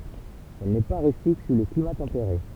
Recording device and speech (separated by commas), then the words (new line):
temple vibration pickup, read sentence
Elle n'est pas rustique sous les climats tempérés.